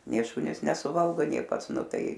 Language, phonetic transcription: Lithuanian, nė ˈšunys nesuˈvalgo nė ˈpats ˈnu ˈtai

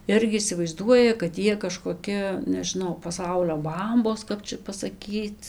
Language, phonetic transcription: Lithuanian, ˈirgi isivaizˈduoja kad ˈjie kažkoˈki nežiˈnau paˈsaulio ˈbambos ˈkap čia pasaˈkyc

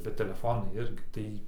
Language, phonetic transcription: Lithuanian, bet teleˈfonai ˈirgi ˈtai

